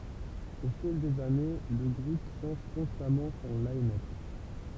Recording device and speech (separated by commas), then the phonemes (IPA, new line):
temple vibration pickup, read sentence
o fil dez ane lə ɡʁup ʃɑ̃ʒ kɔ̃stamɑ̃ sɔ̃ linœp